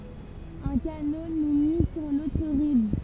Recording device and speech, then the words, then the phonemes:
temple vibration pickup, read sentence
Un canot nous mit sur l'autre rive.
œ̃ kano nu mi syʁ lotʁ ʁiv

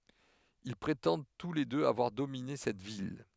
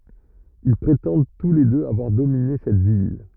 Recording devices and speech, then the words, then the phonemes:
headset microphone, rigid in-ear microphone, read sentence
Ils prétendent tous les deux avoir dominé cette ville.
il pʁetɑ̃d tu le døz avwaʁ domine sɛt vil

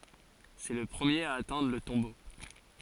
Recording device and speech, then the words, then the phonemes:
forehead accelerometer, read sentence
C'est le premier à atteindre le tombeau.
sɛ lə pʁəmjeʁ a atɛ̃dʁ lə tɔ̃bo

